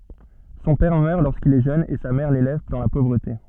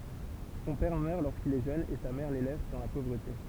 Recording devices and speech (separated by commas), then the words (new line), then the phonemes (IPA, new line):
soft in-ear microphone, temple vibration pickup, read sentence
Son père meurt lorsqu'il est jeune et sa mère l'élève dans la pauvreté.
sɔ̃ pɛʁ mœʁ loʁskil ɛ ʒøn e sa mɛʁ lelɛv dɑ̃ la povʁəte